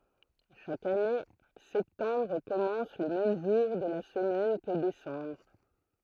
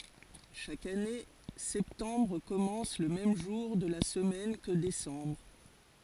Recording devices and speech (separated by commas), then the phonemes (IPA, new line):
throat microphone, forehead accelerometer, read sentence
ʃak ane sɛptɑ̃bʁ kɔmɑ̃s lə mɛm ʒuʁ də la səmɛn kə desɑ̃bʁ